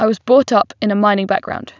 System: none